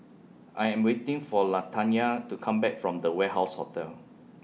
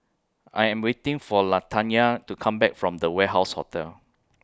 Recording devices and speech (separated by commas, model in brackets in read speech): mobile phone (iPhone 6), close-talking microphone (WH20), read sentence